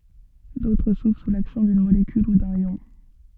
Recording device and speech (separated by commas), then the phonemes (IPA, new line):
soft in-ear microphone, read sentence
dotʁ suvʁ su laksjɔ̃ dyn molekyl u dœ̃n jɔ̃